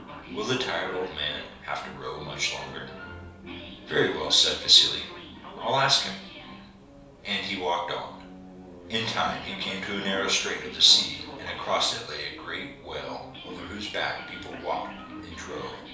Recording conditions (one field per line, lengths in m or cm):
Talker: one person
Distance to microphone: 3.0 m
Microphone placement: far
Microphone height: 1.8 m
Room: small (3.7 m by 2.7 m)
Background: television